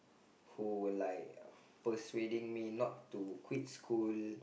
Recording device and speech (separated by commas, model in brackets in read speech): boundary microphone, conversation in the same room